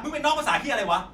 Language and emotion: Thai, angry